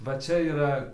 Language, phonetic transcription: Lithuanian, va ˈčia yˈra

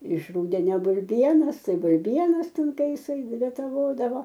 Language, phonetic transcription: Lithuanian, iš ˈrūdenia bulˈbienas tai bulˈbienas ˈten ˈtai ˈjisai retaˈvodavo

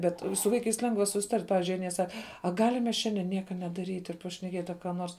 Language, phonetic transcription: Lithuanian, ˈbet su ˈvaikais ˈlengva susiˈtart' ˈpavizdžiui ˈanie ˈsak a ˈgalim mes ˈšiande ˈnieka nedaˈryt' ir pašneˈkiet' a ka ˈnors

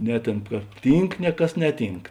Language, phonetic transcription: Lithuanian, ˈne ˌtėn ka ˈtynk ˈne ˌkas ˈneˌtynk

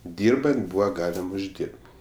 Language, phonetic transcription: Lithuanian, ˈdyrbant ˈbūva ˈgalim užˈdyrb

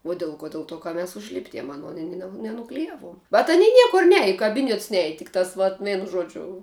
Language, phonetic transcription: Lithuanian, uo ˈdil ˌko ˈdil ˌtuo ka mes užˈlipdiem aˈnon i ne nenukliˈjavuom bet aˈny ˈniekur ˈniaja i kaˈbynets ˈniaja tik tas vat ˈveinu ˈžuodžiu

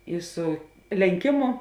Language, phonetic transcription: Lithuanian, ˈi ˈsu lenˈkimu

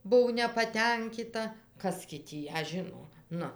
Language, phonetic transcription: Lithuanian, ˈbuv nepaˈtenkita ˈkas gi tį ˈją ˈžino ˈnu

